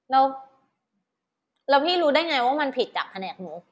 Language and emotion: Thai, frustrated